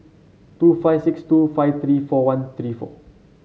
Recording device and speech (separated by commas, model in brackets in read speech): mobile phone (Samsung C7), read sentence